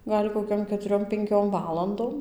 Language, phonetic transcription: Lithuanian, ˈgal' koˈkiom ketuˈriom penˈkiom ˈvalandom

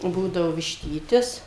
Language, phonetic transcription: Lithuanian, ˈbūdavo višˈtytis

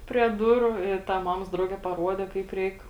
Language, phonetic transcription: Lithuanian, prie ˈduru i ˈta ˈmamos ˈdrauge paˈruode ˈkaip ˈreik

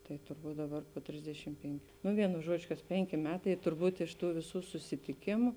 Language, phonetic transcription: Lithuanian, tai turˈbūt ˈdaˌbar po ˈtrisdešim ˈpenkiu nu ˈvienu ˈžuodžiu kas ˈpenki ˈmetai turˈbūt iš ˈtų viˈsų susitiˈkimu

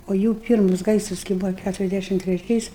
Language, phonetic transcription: Lithuanian, o ˈjų ˈpyrmus ˈgaisras kai ˈbūvo ˈkæturiasˌdæšim treˈčiais

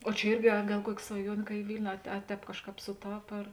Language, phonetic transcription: Lithuanian, o čia ˈirgi a ˈgal ˈkuoki svaˈjuonė ka i ˈvilniu a te ˈtēp ˈkažˌkāp suˈtap ar

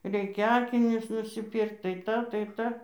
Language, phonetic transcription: Lithuanian, ˈreikia ˈakinius nusiˈpyrkt tai ˈtą tai ˈtą

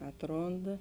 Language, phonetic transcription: Lithuanian, ˈatˌronda

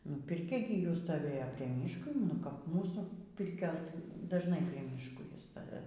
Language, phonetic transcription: Lithuanian, ˈnu pirˈkia gi ˈjų stoˈvėjo prie ˈmyško nu kap ˈmūsų ˈpirkios dažˈnai prie ˈmyško ˈjie ˈsta

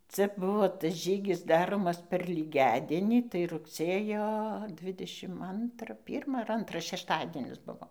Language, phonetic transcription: Lithuanian, ˈcia ˈbuvo tas ˈžygis ˈdaromas per lyˈgiadienį tai rugˈsėjo ˈdvidešim ˈantra ˈpyrma ar ˈantra šešˈtadienis ˈbuvo

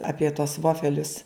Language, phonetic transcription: Lithuanian, ˈapie tuos ˈvofelius

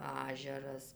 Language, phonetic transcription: Lithuanian, ˈažeras

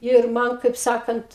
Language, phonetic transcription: Lithuanian, ir ˈman kaip ˈsakant

